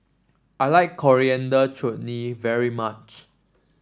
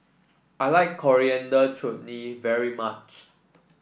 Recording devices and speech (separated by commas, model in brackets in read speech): standing microphone (AKG C214), boundary microphone (BM630), read sentence